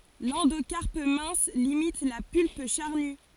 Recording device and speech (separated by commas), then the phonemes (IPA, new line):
forehead accelerometer, read sentence
lɑ̃dokaʁp mɛ̃s limit la pylp ʃaʁny